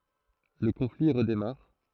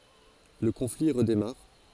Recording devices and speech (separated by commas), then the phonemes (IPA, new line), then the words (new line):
throat microphone, forehead accelerometer, read sentence
lə kɔ̃fli ʁədemaʁ
Le conflit redémarre.